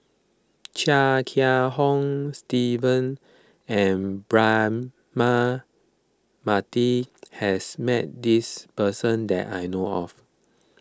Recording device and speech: close-talking microphone (WH20), read sentence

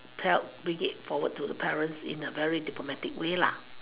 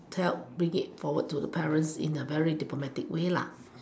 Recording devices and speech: telephone, standing microphone, conversation in separate rooms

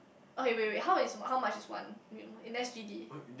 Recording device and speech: boundary microphone, conversation in the same room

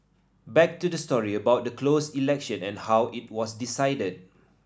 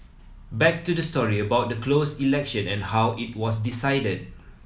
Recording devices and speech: standing microphone (AKG C214), mobile phone (iPhone 7), read sentence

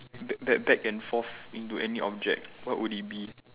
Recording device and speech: telephone, conversation in separate rooms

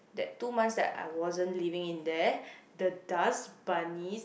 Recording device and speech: boundary microphone, conversation in the same room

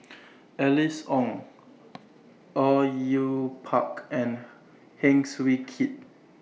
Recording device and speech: mobile phone (iPhone 6), read sentence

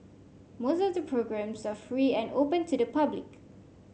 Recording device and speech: mobile phone (Samsung C5), read sentence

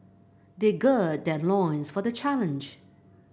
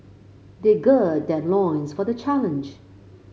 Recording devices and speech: boundary microphone (BM630), mobile phone (Samsung C5), read sentence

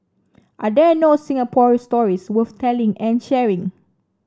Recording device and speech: standing microphone (AKG C214), read sentence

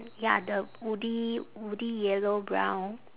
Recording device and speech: telephone, conversation in separate rooms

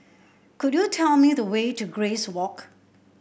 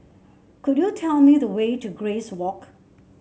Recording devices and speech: boundary microphone (BM630), mobile phone (Samsung C7), read sentence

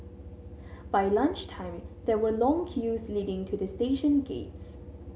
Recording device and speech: mobile phone (Samsung C7100), read sentence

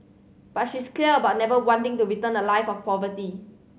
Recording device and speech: mobile phone (Samsung C7100), read sentence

